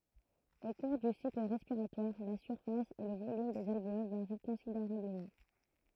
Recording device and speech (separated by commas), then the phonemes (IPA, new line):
throat microphone, read sentence
o kuʁ dy sikl ʁɛspiʁatwaʁ la syʁfas e lə volym dez alveol vaʁi kɔ̃sideʁabləmɑ̃